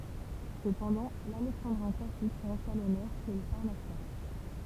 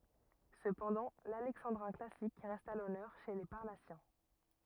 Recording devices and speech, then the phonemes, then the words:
temple vibration pickup, rigid in-ear microphone, read sentence
səpɑ̃dɑ̃ lalɛksɑ̃dʁɛ̃ klasik ʁɛst a lɔnœʁ ʃe le paʁnasjɛ̃
Cependant, l'alexandrin classique reste à l'honneur chez les Parnassiens.

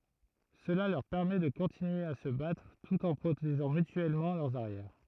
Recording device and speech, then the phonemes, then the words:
throat microphone, read sentence
səla lœʁ pɛʁmɛ də kɔ̃tinye a sə batʁ tut ɑ̃ pʁoteʒɑ̃ mytyɛlmɑ̃ lœʁz aʁjɛʁ
Cela leur permet de continuer à se battre tout en protégeant mutuellement leurs arrières.

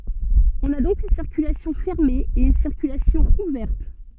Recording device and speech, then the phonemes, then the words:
soft in-ear microphone, read sentence
ɔ̃n a dɔ̃k yn siʁkylasjɔ̃ fɛʁme e yn siʁkylasjɔ̃ uvɛʁt
On a donc une circulation fermée et une circulation ouverte.

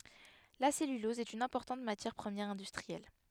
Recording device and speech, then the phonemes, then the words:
headset microphone, read sentence
la sɛlylɔz ɛt yn ɛ̃pɔʁtɑ̃t matjɛʁ pʁəmjɛʁ ɛ̃dystʁiɛl
La cellulose est une importante matière première industrielle.

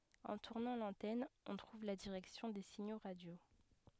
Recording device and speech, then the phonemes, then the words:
headset microphone, read sentence
ɑ̃ tuʁnɑ̃ lɑ̃tɛn ɔ̃ tʁuv la diʁɛksjɔ̃ de siɲo ʁadjo
En tournant l'antenne, on trouve la direction des signaux radios.

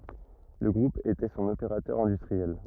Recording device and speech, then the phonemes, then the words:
rigid in-ear microphone, read sentence
lə ɡʁup etɛ sɔ̃n opeʁatœʁ ɛ̃dystʁiɛl
Le groupe était son opérateur industriel.

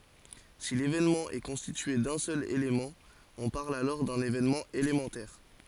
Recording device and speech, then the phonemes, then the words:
forehead accelerometer, read sentence
si levenmɑ̃ ɛ kɔ̃stitye dœ̃ sœl elemɑ̃ ɔ̃ paʁl alɔʁ dœ̃n evenmɑ̃ elemɑ̃tɛʁ
Si l'événement est constitué d'un seul élément, on parle alors d'un événement élémentaire.

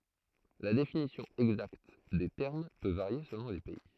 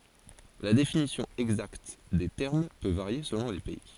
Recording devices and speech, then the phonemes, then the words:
throat microphone, forehead accelerometer, read sentence
la definisjɔ̃ ɛɡzakt de tɛʁm pø vaʁje səlɔ̃ le pɛi
La définition exacte des termes peut varier selon les pays.

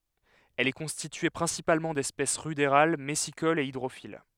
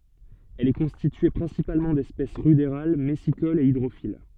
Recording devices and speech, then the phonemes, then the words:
headset microphone, soft in-ear microphone, read sentence
ɛl ɛ kɔ̃stitye pʁɛ̃sipalmɑ̃ dɛspɛs ʁydeʁal mɛsikolz e idʁofil
Elle est constituée principalement d’espèces rudérales, messicoles et hydrophiles.

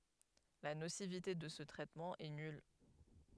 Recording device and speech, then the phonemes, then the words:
headset microphone, read sentence
la nosivite də sə tʁɛtmɑ̃ ɛ nyl
La nocivité de ce traitement est nulle.

